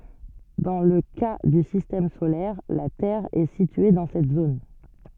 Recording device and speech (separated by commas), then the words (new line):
soft in-ear microphone, read sentence
Dans le cas du système solaire, la Terre est située dans cette zone.